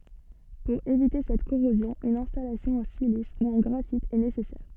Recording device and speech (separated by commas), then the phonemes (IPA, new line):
soft in-ear microphone, read sentence
puʁ evite sɛt koʁozjɔ̃ yn ɛ̃stalasjɔ̃ ɑ̃ silis u ɑ̃ ɡʁafit ɛ nesɛsɛʁ